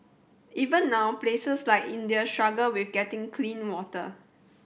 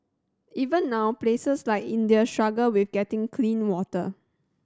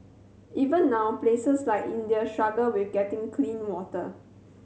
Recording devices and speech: boundary microphone (BM630), standing microphone (AKG C214), mobile phone (Samsung C7100), read sentence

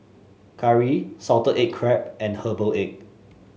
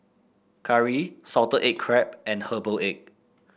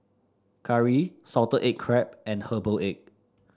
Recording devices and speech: mobile phone (Samsung S8), boundary microphone (BM630), standing microphone (AKG C214), read sentence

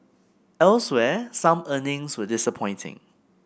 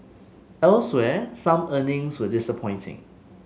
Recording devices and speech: boundary microphone (BM630), mobile phone (Samsung S8), read sentence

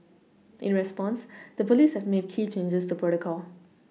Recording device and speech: mobile phone (iPhone 6), read sentence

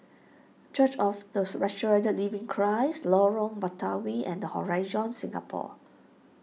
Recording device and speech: mobile phone (iPhone 6), read sentence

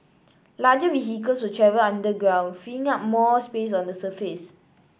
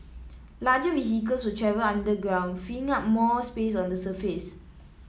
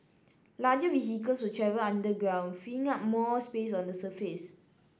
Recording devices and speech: boundary microphone (BM630), mobile phone (iPhone 7), standing microphone (AKG C214), read sentence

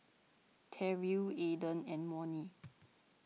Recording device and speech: mobile phone (iPhone 6), read sentence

